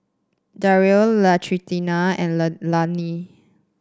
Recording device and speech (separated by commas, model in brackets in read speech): standing microphone (AKG C214), read sentence